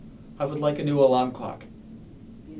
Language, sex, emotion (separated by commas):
English, male, neutral